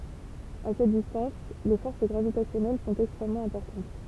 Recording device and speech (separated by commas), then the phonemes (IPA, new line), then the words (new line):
temple vibration pickup, read sentence
a sɛt distɑ̃s le fɔʁs ɡʁavitasjɔnɛl sɔ̃t ɛkstʁɛmmɑ̃ ɛ̃pɔʁtɑ̃t
À cette distance, les forces gravitationnelles sont extrêmement importantes.